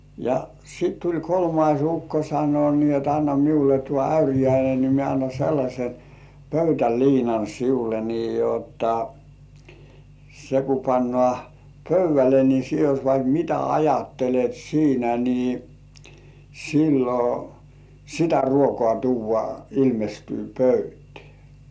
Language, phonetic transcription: Finnish, ja , sit tuĺ "kolmais 'ukko sano ni ‿ot » anna miule tuo 'äyrijäine ni mie anna sellaśe "pöytäliinan siule nii jotta , se ku 'pannŏ§à "pöyv̆§välle ni sie jos vaik "mitä ajattelet 'siinä ni , 'sillo , "sitä 'ruokŏà tuuv̆vŏà ilmestyy 'pöytĕä̀ « .
- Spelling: ja sitten tuli kolmas ukko sanoi niin jotta anna minulle tuo äyriäinen niin minä annan sellaisen pöytäliinan sinulle niin jotta se kun pannaan pöydälle niin sinä jos vaikka mitä ajattelet siinä niin silloin sitä ruokaa tuodaan ilmestyy pöytään

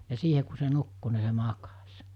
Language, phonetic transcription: Finnish, ja 'siihe ku se 'nukku ni se "makas̜ .
- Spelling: ja siihen kun se nukkui niin se makasi

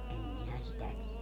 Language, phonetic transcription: Finnish, 'em minä 'sitä tielä .
- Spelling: en minä sitä tiedä

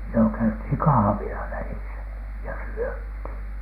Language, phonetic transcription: Finnish, jo käythìŋ "kahᵃvila välisä ja 'syöthìn .
- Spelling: jo käytiin kahvilla välissä ja syötiin

